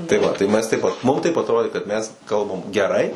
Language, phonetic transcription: Lithuanian, tai ˈva tai ˈmes ˈteip ˈmum taip atˈrodė kad mes ˈkalbam geˈrai

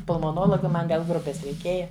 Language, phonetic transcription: Lithuanian, pulmoˈnologa ˈman vel ˈgrupes reiˈkėja

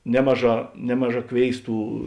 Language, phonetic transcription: Lithuanian, ˈnemaˌžā ˈnemaˌžā ˈkvėisˌtų

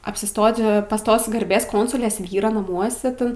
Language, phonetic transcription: Lithuanian, apsiˈstoti pas ˈtos garˈbės ˈkonsulės ˈvyro naˈmuose ˈten

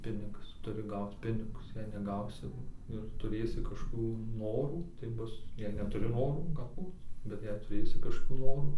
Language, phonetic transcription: Lithuanian, ˈpinigas ˈturi ˈgauc ˈpinigus jei neˈgausi ir tuˈrėsi kažkoˈkių ˈnorų tai ˈbus jei netuˈri ˈnorų galˈbūt bet ˈjei tuˈrėsi kažkoˈkių ˈnorų

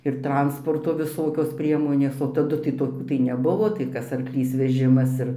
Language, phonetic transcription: Lithuanian, ir ˈtransporto viˈsokios ˈpriemonės o taˈdu tai toˈkių tai neˈbuvo tai ˈkas arkˈlys veˈžimas ir

